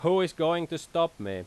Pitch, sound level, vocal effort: 165 Hz, 93 dB SPL, very loud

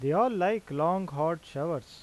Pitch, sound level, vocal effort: 165 Hz, 88 dB SPL, normal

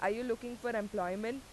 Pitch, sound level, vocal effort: 225 Hz, 88 dB SPL, loud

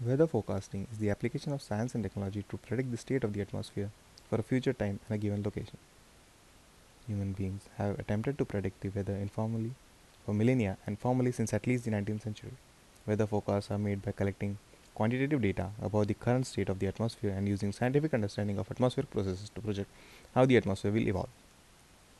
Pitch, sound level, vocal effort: 105 Hz, 76 dB SPL, soft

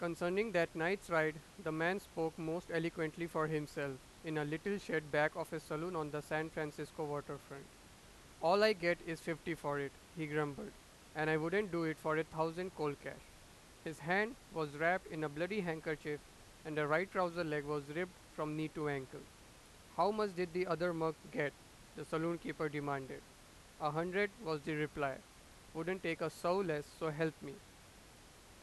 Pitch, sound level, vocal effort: 160 Hz, 94 dB SPL, loud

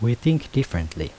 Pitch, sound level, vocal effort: 120 Hz, 76 dB SPL, soft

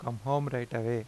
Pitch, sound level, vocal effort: 120 Hz, 85 dB SPL, normal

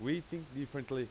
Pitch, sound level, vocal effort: 140 Hz, 92 dB SPL, very loud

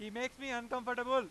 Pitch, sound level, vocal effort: 250 Hz, 105 dB SPL, very loud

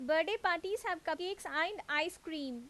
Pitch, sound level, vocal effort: 335 Hz, 90 dB SPL, very loud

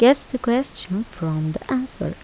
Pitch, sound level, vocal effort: 235 Hz, 79 dB SPL, soft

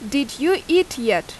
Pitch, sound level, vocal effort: 280 Hz, 87 dB SPL, very loud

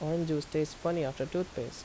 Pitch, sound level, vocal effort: 155 Hz, 81 dB SPL, normal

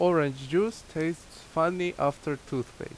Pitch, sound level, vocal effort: 160 Hz, 84 dB SPL, loud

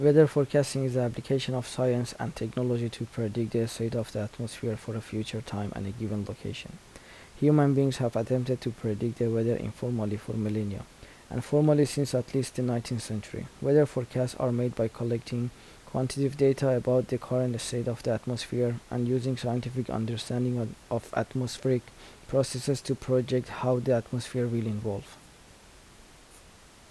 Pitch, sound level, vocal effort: 120 Hz, 77 dB SPL, soft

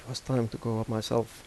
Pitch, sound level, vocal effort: 115 Hz, 81 dB SPL, soft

